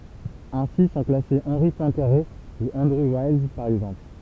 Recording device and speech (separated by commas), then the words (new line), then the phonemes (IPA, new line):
temple vibration pickup, read sentence
Ainsi sont classés Henri Poincaré ou Andrew Wiles, par exemple.
ɛ̃si sɔ̃ klase ɑ̃ʁi pwɛ̃kaʁe u ɑ̃dʁu wajls paʁ ɛɡzɑ̃pl